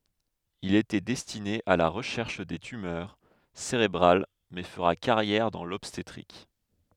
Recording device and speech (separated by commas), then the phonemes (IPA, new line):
headset microphone, read sentence
il etɛ dɛstine a la ʁəʃɛʁʃ de tymœʁ seʁebʁal mɛ fəʁa kaʁjɛʁ dɑ̃ lɔbstetʁik